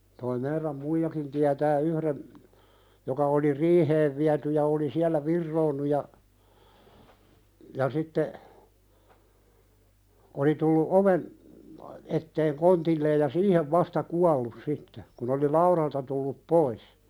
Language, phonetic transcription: Finnish, toi 'meiräm "muijakin tiätää 'yhðen , joka oli "riiheev viäty ja oli 'siäl̆lä "virroonnu ja , ja sitte , 'oli tullu 'oven , etteeŋ "kontilleej ja "siihev 'vasta "kuallus sitte , kun ‿oli "lauðalta tullup 'pois .
- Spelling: tuo meidän muijakin tietää yhden joka oli riiheen viety ja oli siellä vironnut ja ja sitten oli tullut oven eteen kontilleen ja siihen vasta kuollut sitten kun oli laudalta tullut pois

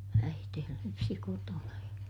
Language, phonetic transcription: Finnish, äitee lypsi kotona ja ,.
- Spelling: äiti lypsi kotona ja

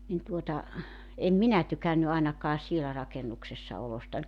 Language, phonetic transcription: Finnish, nin 'tuota , 'em "minä 'tykänny 'aenakaa 'sielä rakenuksessa 'olostań .
- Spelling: niin tuota en minä tykännyt ainakaan siellä rakennuksessa olostani

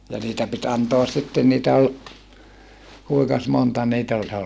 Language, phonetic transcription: Finnish, ja niitä pit antoas sitten niitä ol , kuikas monta niit ‿oĺ ?
- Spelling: ja niitä piti antaa sitten niitä oli kuinkas monta niitä oli

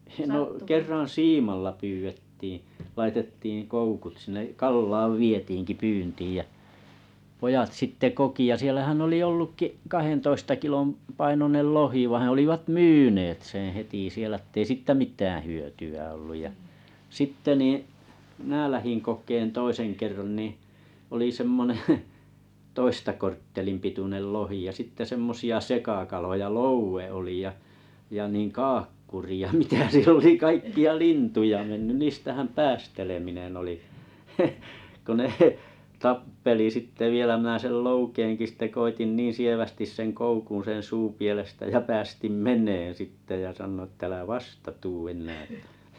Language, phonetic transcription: Finnish, no 'kerran̬ "siimalla 'pyvettiiⁱ̰ , laitettiiiŋ 'koukut sⁱne , 'Kallaav "vietiiŋki 'pyyntiij jä’ , pojatt sitte 'koki ja 'sielähän oli 'ollukki’ , 'kahentoista kilom’ , 'painonel "lohi vaiḭ 'olivat "myynet seḛ heti sielᵃ̈ ᵊttei 'sìttä "mit̀äää̰ 'hyöty₍ä olluj ja , 'sitte nii , 'mⁱnä lähiŋ kok̀een 'toiseŋ kerran niiⁱ̰ , oli 'semmoneᵉ , 'toista korttelim pitunel 'lohi ja sitte 'semmosi₍a 'sekakaloja "louwe oli ja , ja nìŋ "kaakkuri ja 'mitä 'siel ‿oli 'kaikki₍a "lintuja mennyn 'niistähäm "päästeleminen ‿oli , ko 'ne , 'tappeli sitte 'vielä mⁱnä̀ 'sel "loukeeŋki sⁱte 'koitin 'niin sievästis 'seŋ 'koukuuṵ sen̬ 'suupielestä jä 'päästim "men̆neen̬ 'sitte ja 'sannoi ĕttä » 'älä "vasta "tu ennää « (tä) .
- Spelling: no kerran siimalla pyydettiin laitettiin koukut sinne Kallaan vietiinkin pyyntiin ja pojat sitten koki ja siellähän oli ollutkin kahdentoista kilon painoinen lohi vaan olivat myyneet sen heti siellä että ei siitä mitään hyötyä ollut ja sitten niin minä lähdin kokemaan toisen kerran niin oli semmoinen toista korttelin pituinen lohi ja sitten semmoisia sekakaloja loue oli ja ja niin kaakkuri ja mitä siellä oli kaikkia lintuja mennyt niistähän päästeleminen oli kun ne tappeli sitten vielä minä sen loukeenkin sitten koetin niin sievästi sen koukun sen suupielestä ja päästin menemään sitten ja sanoin että älä vasta tule enää että

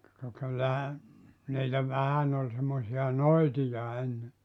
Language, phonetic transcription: Finnish, ka 'kyllähä , niitä 'vähän ‿ol semmosi₍a "noitija enne .
- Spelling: ka kyllähän niitä vähän oli semmoisia noitia ennen

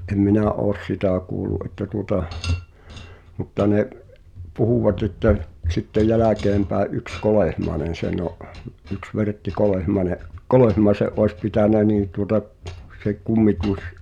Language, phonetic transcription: Finnish, ’em "minä ’oos "sitä̀ kuulu’ ’että tuŏta , mutta ne’ , 'puhuvaᵗ ‿että (l-) , sittej 'jäläkeempä̀e’ "’yks 'Kolèhmaenen̬ 'senⁿ ‿o’ , yks 'Vertti "Kolehmaĕne’ , "Kolehmaese’ 'oes 'pitä̀nä nii tuŏta , se 'kummituś ,.
- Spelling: en minä ole sitä kuullut että tuota mutta ne puhuvat että - sitten jälkeenpäin yksi Kolehmainen sen on yksi Vertti Kolehmainen Kolehmaisen olisi pitänyt niin tuota se kummitus

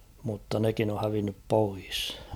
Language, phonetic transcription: Finnish, mutta 'nekin ‿o hävinnyp 'pois .
- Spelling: mutta nekin on hävinnyt pois

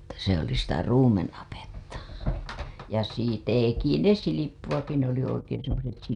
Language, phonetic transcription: Finnish, se ‿oli sitä 'ruumen‿apetta si- , 'teki ne 'silippuWaki ne ‿oli oikeeḛ semmoset 'silippumyllyt ...
- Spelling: se oli sitä ruumenapetta - teki ne silppuakin ne oli oikein semmoiset silppumyllyt

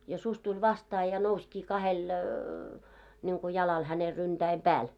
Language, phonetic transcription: Finnish, ja suś 'tuĺ 'vastaa ja 'nouskii kahel , ńiŋku jalal häne 'ryntäiᵐ "pääl .
- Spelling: ja susi tuli vastaan ja nousikin kahdelle niin kuin jalalle hänen ryntäiden päälle

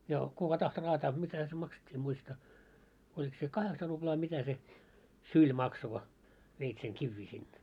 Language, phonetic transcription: Finnish, ja , 'kuka tahto raataa 'mitäʰᵃ̈ se makset́t́ii em 'muista , oĺik se 'kaheksa ruʙlaa mitä se , "syĺ makso ko , veit seŋ 'kivvii sinne .
- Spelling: ja kuka tahtoi raataa mitähän se maksettiin en muista oliko se kahdeksan ruplaa mitä se syli maksoi kun veit sen kiviä sinne

